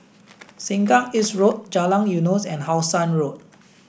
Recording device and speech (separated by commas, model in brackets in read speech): boundary microphone (BM630), read sentence